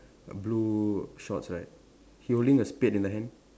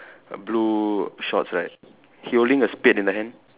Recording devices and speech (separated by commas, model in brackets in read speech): standing microphone, telephone, conversation in separate rooms